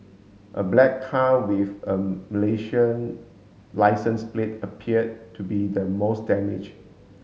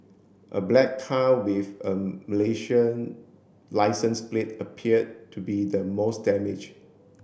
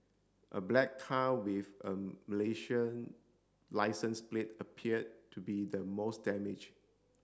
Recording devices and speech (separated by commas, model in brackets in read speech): mobile phone (Samsung S8), boundary microphone (BM630), standing microphone (AKG C214), read sentence